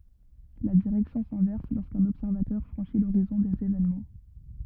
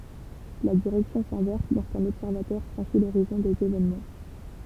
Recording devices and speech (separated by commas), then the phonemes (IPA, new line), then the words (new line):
rigid in-ear microphone, temple vibration pickup, read sentence
la diʁɛksjɔ̃ sɛ̃vɛʁs loʁskœ̃n ɔbsɛʁvatœʁ fʁɑ̃ʃi loʁizɔ̃ dez evenmɑ̃
La direction s'inverse lorsqu'un observateur franchit l'horizon des événements.